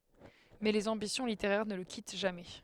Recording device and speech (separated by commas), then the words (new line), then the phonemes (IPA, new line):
headset microphone, read sentence
Mais les ambitions littéraires ne le quittent jamais.
mɛ lez ɑ̃bisjɔ̃ liteʁɛʁ nə lə kit ʒamɛ